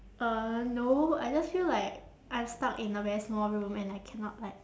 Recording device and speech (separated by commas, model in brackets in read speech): standing microphone, conversation in separate rooms